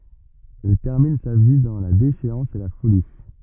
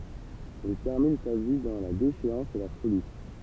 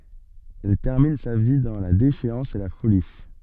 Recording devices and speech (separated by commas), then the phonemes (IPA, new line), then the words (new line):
rigid in-ear microphone, temple vibration pickup, soft in-ear microphone, read sentence
ɛl tɛʁmin sa vi dɑ̃ la deʃeɑ̃s e la foli
Elle termine sa vie dans la déchéance et la folie.